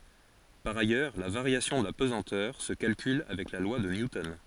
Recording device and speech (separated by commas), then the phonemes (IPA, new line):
forehead accelerometer, read sentence
paʁ ajœʁ la vaʁjasjɔ̃ də la pəzɑ̃tœʁ sə kalkyl avɛk la lwa də njutɔn